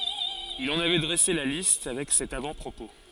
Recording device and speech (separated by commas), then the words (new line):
forehead accelerometer, read sentence
Il en avait dressé la liste, avec cet avant-propos.